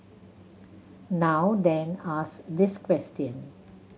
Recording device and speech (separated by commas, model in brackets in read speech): mobile phone (Samsung C7100), read sentence